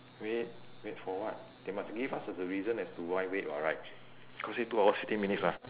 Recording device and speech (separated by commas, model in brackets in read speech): telephone, conversation in separate rooms